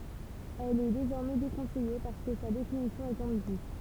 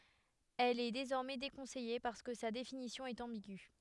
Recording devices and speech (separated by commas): temple vibration pickup, headset microphone, read sentence